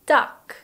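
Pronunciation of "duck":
'duck' is said in standard British English, received pronunciation, with a short monophthong as its vowel.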